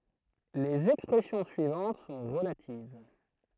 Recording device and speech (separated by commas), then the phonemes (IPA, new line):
throat microphone, read sentence
lez ɛkspʁɛsjɔ̃ syivɑ̃t sɔ̃ ʁəlativ